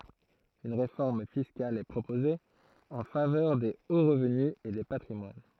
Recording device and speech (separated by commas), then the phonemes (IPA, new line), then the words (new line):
throat microphone, read sentence
yn ʁefɔʁm fiskal ɛ pʁopoze ɑ̃ favœʁ de o ʁəvny e de patʁimwan
Une réforme fiscale est proposée, en faveur des hauts revenus et des patrimoines.